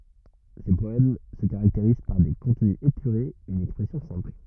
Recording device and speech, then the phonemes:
rigid in-ear microphone, read sentence
se pɔɛm sə kaʁakteʁiz paʁ de kɔ̃tny epyʁez yn ɛkspʁɛsjɔ̃ sɛ̃pl

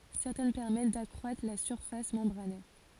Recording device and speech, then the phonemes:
forehead accelerometer, read sentence
sɛʁtɛn pɛʁmɛt dakʁwatʁ la syʁfas mɑ̃bʁanɛʁ

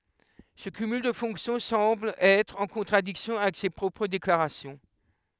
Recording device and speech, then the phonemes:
headset microphone, read sentence
sə kymyl də fɔ̃ksjɔ̃ sɑ̃bl ɛtʁ ɑ̃ kɔ̃tʁadiksjɔ̃ avɛk se pʁɔpʁ deklaʁasjɔ̃

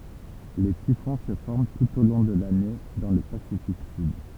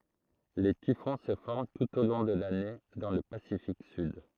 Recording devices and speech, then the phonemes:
temple vibration pickup, throat microphone, read sentence
le tifɔ̃ sə fɔʁm tut o lɔ̃ də lane dɑ̃ lə pasifik syd

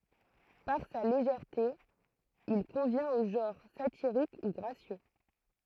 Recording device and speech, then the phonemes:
throat microphone, read sentence
paʁ sa leʒɛʁte il kɔ̃vjɛ̃t o ʒɑ̃ʁ satiʁik u ɡʁasjø

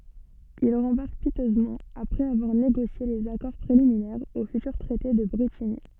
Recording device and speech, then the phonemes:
soft in-ear microphone, read sentence
il ʁɑ̃baʁk pitøzmɑ̃ apʁɛz avwaʁ neɡosje lez akɔʁ pʁeliminɛʁz o fytyʁ tʁɛte də bʁetiɲi

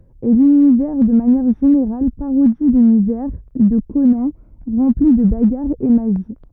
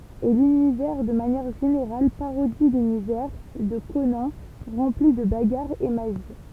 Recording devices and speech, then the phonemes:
rigid in-ear microphone, temple vibration pickup, read sentence
e lynivɛʁ də manjɛʁ ʒeneʁal paʁodi lynivɛʁ də konɑ̃ ʁɑ̃pli də baɡaʁz e maʒi

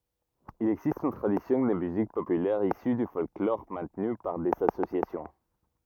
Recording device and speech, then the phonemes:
rigid in-ear microphone, read sentence
il ɛɡzist yn tʁadisjɔ̃ də myzik popylɛʁ isy dy fɔlklɔʁ mɛ̃tny paʁ dez asosjasjɔ̃

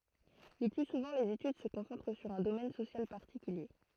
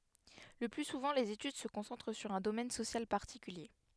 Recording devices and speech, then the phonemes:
throat microphone, headset microphone, read sentence
lə ply suvɑ̃ lez etyd sə kɔ̃sɑ̃tʁ syʁ œ̃ domɛn sosjal paʁtikylje

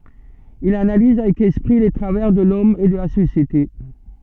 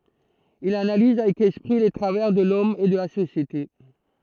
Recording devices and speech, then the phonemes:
soft in-ear microphone, throat microphone, read sentence
il analiz avɛk ɛspʁi le tʁavɛʁ də lɔm e də la sosjete

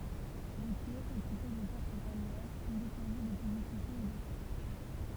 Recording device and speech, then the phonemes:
temple vibration pickup, read sentence
le kɛz ekipe də pɔʁt paljɛʁ sɔ̃ depuʁvy də pyblisitez e də sjɛʒ

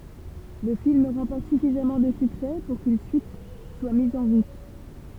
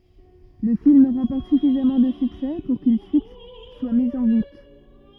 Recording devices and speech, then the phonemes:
temple vibration pickup, rigid in-ear microphone, read sentence
lə film ʁɑ̃pɔʁt syfizamɑ̃ də syksɛ puʁ kyn syit swa miz ɑ̃ ʁut

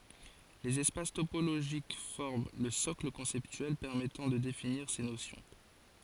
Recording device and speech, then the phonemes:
forehead accelerometer, read sentence
lez ɛspas topoloʒik fɔʁm lə sɔkl kɔ̃sɛptyɛl pɛʁmɛtɑ̃ də definiʁ se nosjɔ̃

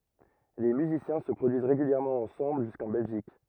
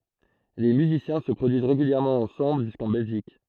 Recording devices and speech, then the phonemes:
rigid in-ear microphone, throat microphone, read sentence
le myzisjɛ̃ sə pʁodyiz ʁeɡyljɛʁmɑ̃ ɑ̃sɑ̃bl ʒyskɑ̃ bɛlʒik

